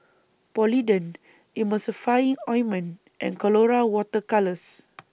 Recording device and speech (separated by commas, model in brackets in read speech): boundary microphone (BM630), read sentence